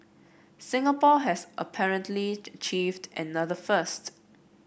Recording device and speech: boundary microphone (BM630), read sentence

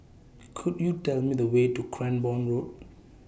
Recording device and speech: boundary microphone (BM630), read sentence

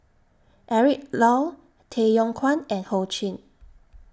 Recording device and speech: standing microphone (AKG C214), read sentence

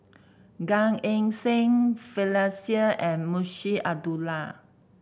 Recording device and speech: boundary microphone (BM630), read sentence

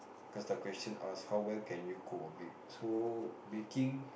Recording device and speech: boundary microphone, conversation in the same room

